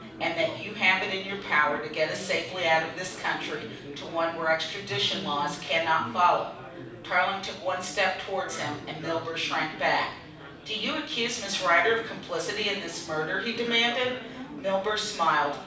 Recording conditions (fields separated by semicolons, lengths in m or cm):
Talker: one person; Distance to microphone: 5.8 m; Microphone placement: far; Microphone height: 1.8 m; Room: medium-sized (5.7 m by 4.0 m); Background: babble